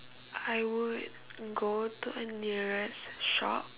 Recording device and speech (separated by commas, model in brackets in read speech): telephone, conversation in separate rooms